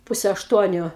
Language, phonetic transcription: Lithuanian, ˈpuse ašˈtuoniu

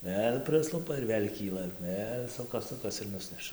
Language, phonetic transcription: Lithuanian, ˈvėl' ˈprislupa ir ˈvėl' ˈkyla ˈvėl' ˈsukas ˈsukas ir ˈnusneša

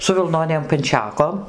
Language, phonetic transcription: Lithuanian, su vilˈnonėm panˈčekom

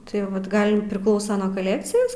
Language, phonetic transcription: Lithuanian, tai ˈvat ˈgal priˈklausa nuo ˈkalekcijas

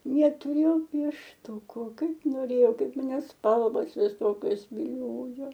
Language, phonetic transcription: Lithuanian, netuˈrėjau piešˈtūku ˈkaip noˈrėjau ˈkaip maˈne ˈspalvos viˈsokios viˈliojo

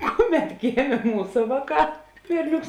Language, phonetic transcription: Lithuanian, ˈkuˌmet ˈgėmė ˈmūsa ˈvāˌkā ˈberˌnioks

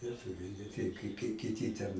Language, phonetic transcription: Lithuanian, lieˈtuviai ne ˈtei kai kai kiˈty ten

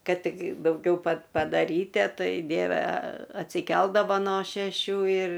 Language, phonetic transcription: Lithuanian, ˈkad ˈtik dauˈgiau pad padaˈrytie ˈtai ˈdieve atsiˈkeldava no šeˈšių ir

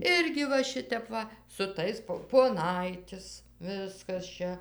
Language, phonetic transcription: Lithuanian, ˈirgi va ˈšitep ˈva su ˈtais po poˈnaitis ˈviskas ˈčia

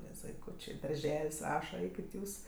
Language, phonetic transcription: Lithuanian, nes vaiˈkūčė darˈžel's' ˈraša ˈeikit ˈjūs

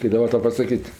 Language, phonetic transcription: Lithuanian, kaip daˈba ˈtau pasaˈkyt'

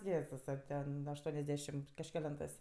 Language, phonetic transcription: Lithuanian, ˈjėzusa ˈten ašˈtuoniasˌdešimt kažkeˈlentɜs

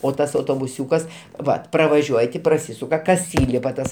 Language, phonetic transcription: Lithuanian, o ˈtas autobuˈsiūkas ˈvat pravaˈžiuoj ti praˈsysuka kas ˈįlipa ˈtas

